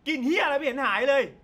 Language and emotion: Thai, angry